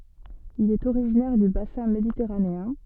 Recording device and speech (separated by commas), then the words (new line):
soft in-ear microphone, read sentence
Il est originaire du bassin méditerranéen.